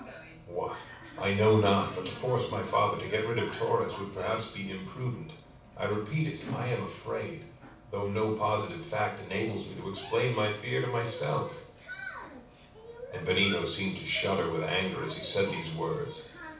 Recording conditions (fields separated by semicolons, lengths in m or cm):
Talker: one person; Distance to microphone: 5.8 m; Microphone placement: far; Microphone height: 1.8 m; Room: medium-sized (5.7 m by 4.0 m); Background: television